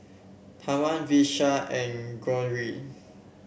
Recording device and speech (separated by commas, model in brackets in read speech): boundary microphone (BM630), read sentence